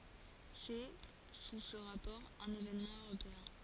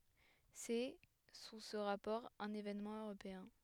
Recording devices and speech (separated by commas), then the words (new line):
forehead accelerometer, headset microphone, read sentence
C'est, sous ce rapport, un événement européen.